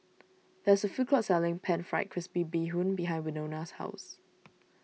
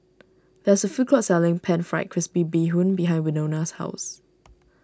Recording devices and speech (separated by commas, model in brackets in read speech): mobile phone (iPhone 6), standing microphone (AKG C214), read sentence